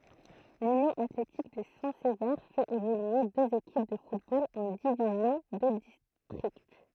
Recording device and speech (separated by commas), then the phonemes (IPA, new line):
throat microphone, read sentence
lynjɔ̃ atletik də sɛ̃ səve fɛt evolye døz ekip də futbol ɑ̃ divizjɔ̃ də distʁikt